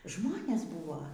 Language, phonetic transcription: Lithuanian, ˈžmones ˈbūvo

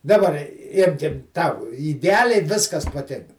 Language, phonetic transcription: Lithuanian, daˈbar i ˈimkim ˈtau ideˈaliai ˈviskas paˈtinka

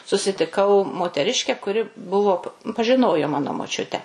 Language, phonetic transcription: Lithuanian, susitiˈkau moteˈriške kuˈri ˈbuvo pažiˈnojo ˈmano moˈčiutę

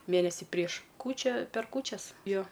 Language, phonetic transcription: Lithuanian, ˈmėnesi prieš ˈkūčia per ˈkūčias ˈjo

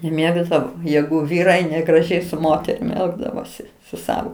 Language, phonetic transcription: Lithuanian, neˈmėgdavo ˈjegu ˈvyrai negraˈžiai su ˈmoterim ˈelgdavosi su ˈsavo

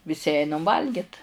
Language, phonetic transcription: Lithuanian, viˈsi ˈeinam ˈvalgit

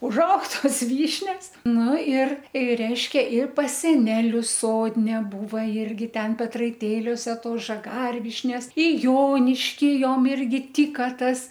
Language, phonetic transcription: Lithuanian, užˈaug ˈtos ˈvyšnias ˈnu ir ir ˈreiškia ir pas seˈnelius ˈsodne ˈbūva ˈirgi ˈten petraiˈtėliose ˈtos žaˈgarvyšnes i ˈjoniškį ˈjom ˈirgi ˈtyka ˈtas

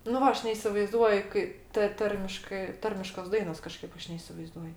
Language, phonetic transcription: Lithuanian, nu ˈva ˈaš neisivaiˈzduoj ˈkai ta ˈtarmiškɜ ˈtarmiškos ˈdainos kaˈžkaip ˈaš neisivaiˈzduoj

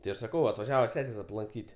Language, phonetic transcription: Lithuanian, ti ˈaš saˈkau atvaˈžiava ˈsesės aplanˈkyt' aplankyti

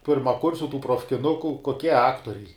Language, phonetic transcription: Lithuanian, pirmaˈkursiu tų profkiˈnuku koˈkie ˈaktoriai

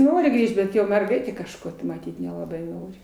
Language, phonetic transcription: Lithuanian, ˈnori ˈgrįžt bet ˈjo merˈgaitė kažˈko tai maˈtyt nelaˈbai ˈnori

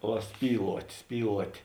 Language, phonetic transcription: Lithuanian, ˈva ˈspyluot' ˈspyluot'

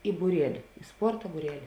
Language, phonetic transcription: Lithuanian, i būˈrieli i ˈsporta būˈreli

